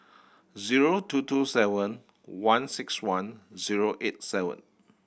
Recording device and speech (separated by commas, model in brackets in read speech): boundary microphone (BM630), read sentence